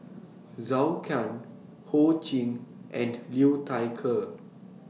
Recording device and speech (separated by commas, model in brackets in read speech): mobile phone (iPhone 6), read sentence